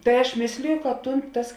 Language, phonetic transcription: Lithuanian, tai aš ˈmėsliju kad ˈtūn tas

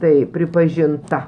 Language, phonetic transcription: Lithuanian, ˈtai pripažinˈta

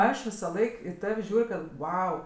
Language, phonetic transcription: Lithuanian, ˈaš visaˈlaik i ˈtav' ˈžiūr' kad ˈvau

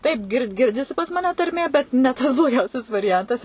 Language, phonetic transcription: Lithuanian, ˈtaip gir ˈgirdisi pas maˈne tarˈmė ˈbet ne ˈtas bloˈgiausias variˈjantas

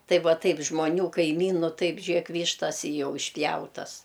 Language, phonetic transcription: Lithuanian, ˈtai ˈva ˈtaip žmoˈnių kaiˈmynu ˈtaip ˈžėk ˈvyštas i ˈjau išˈpjautas

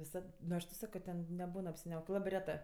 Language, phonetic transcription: Lithuanian, viˈsad nu ˈaš tau ˈsako ˈten neˈbūn apsiˈniaukė ˈlabɜ ˈretɜ

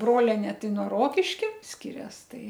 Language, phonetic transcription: Lithuanian, ˈbrolenė ˈtai nuo ˈrokiškia ˈskirias ˈtai

